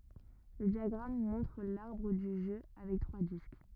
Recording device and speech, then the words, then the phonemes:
rigid in-ear microphone, read sentence
Le diagramme montre l'arbre du jeu avec trois disques.
lə djaɡʁam mɔ̃tʁ laʁbʁ dy ʒø avɛk tʁwa disk

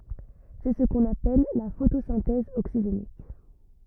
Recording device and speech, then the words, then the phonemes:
rigid in-ear microphone, read sentence
C'est ce qu'on appelle la photosynthèse oxygénique.
sɛ sə kɔ̃n apɛl la fotosɛ̃tɛz oksiʒenik

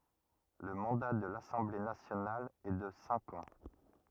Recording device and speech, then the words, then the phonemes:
rigid in-ear microphone, read sentence
Le mandat de l'Assemblée nationale est de cinq ans.
lə mɑ̃da də lasɑ̃ble nasjonal ɛ də sɛ̃k ɑ̃

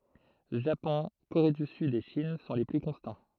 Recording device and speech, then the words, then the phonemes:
throat microphone, read sentence
Japon, Corée du Sud et Chine sont les plus constants.
ʒapɔ̃ koʁe dy syd e ʃin sɔ̃ le ply kɔ̃stɑ̃

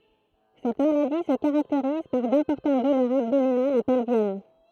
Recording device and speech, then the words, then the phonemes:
throat microphone, read sentence
Cette maladie se caractérise par d'importantes douleurs abdominales et pelviennes.
sɛt maladi sə kaʁakteʁiz paʁ dɛ̃pɔʁtɑ̃t dulœʁz abdominalz e pɛlvjɛn

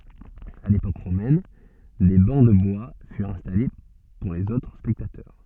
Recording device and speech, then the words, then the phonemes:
soft in-ear microphone, read sentence
À l'époque romaine, des bancs de bois furent installés pour les autres spectateurs.
a lepok ʁomɛn de bɑ̃ də bwa fyʁt ɛ̃stale puʁ lez otʁ spɛktatœʁ

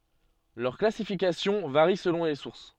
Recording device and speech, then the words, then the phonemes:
soft in-ear microphone, read sentence
Leur classification varie selon les sources.
lœʁ klasifikasjɔ̃ vaʁi səlɔ̃ le suʁs

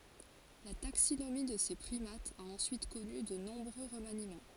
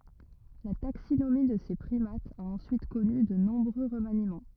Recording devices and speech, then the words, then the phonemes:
forehead accelerometer, rigid in-ear microphone, read sentence
La taxinomie de ces primates a ensuite connu de nombreux remaniements.
la taksinomi də se pʁimatz a ɑ̃syit kɔny də nɔ̃bʁø ʁəmanimɑ̃

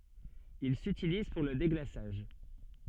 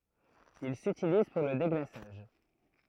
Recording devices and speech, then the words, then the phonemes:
soft in-ear microphone, throat microphone, read sentence
Il s'utilise pour le déglaçage.
il sytiliz puʁ lə deɡlasaʒ

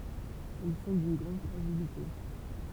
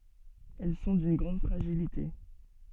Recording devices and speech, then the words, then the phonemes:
temple vibration pickup, soft in-ear microphone, read sentence
Elles sont d'une grande fragilité.
ɛl sɔ̃ dyn ɡʁɑ̃d fʁaʒilite

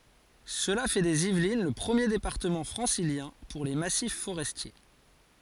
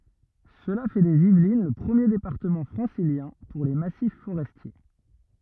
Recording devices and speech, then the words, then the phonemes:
forehead accelerometer, rigid in-ear microphone, read sentence
Cela fait des Yvelines le premier département francilien pour les massifs forestiers.
səla fɛ dez ivlin lə pʁəmje depaʁtəmɑ̃ fʁɑ̃siljɛ̃ puʁ le masif foʁɛstje

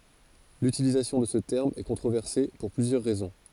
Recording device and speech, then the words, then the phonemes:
forehead accelerometer, read sentence
L'utilisation de ce terme est controversé pour plusieurs raisons.
lytilizasjɔ̃ də sə tɛʁm ɛ kɔ̃tʁovɛʁse puʁ plyzjœʁ ʁɛzɔ̃

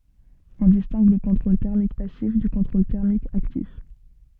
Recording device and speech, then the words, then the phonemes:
soft in-ear microphone, read sentence
On distingue le contrôle thermique passif du contrôle thermique actif.
ɔ̃ distɛ̃ɡ lə kɔ̃tʁol tɛʁmik pasif dy kɔ̃tʁol tɛʁmik aktif

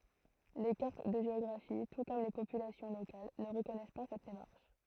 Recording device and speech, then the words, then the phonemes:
throat microphone, read sentence
Les cartes de géographie, tout comme les populations locales, ne reconnaissent pas cette démarche.
le kaʁt də ʒeɔɡʁafi tu kɔm le popylasjɔ̃ lokal nə ʁəkɔnɛs pa sɛt demaʁʃ

